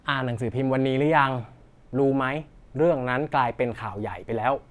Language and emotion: Thai, neutral